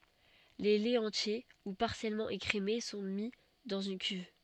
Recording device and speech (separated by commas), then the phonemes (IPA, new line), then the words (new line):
soft in-ear microphone, read sentence
le lɛz ɑ̃tje u paʁsjɛlmɑ̃ ekʁeme sɔ̃ mi dɑ̃z yn kyv
Les laits entiers ou partiellement écrémés sont mis dans une cuve.